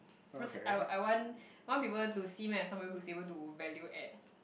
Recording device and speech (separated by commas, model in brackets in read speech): boundary microphone, conversation in the same room